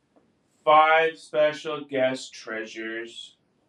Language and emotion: English, sad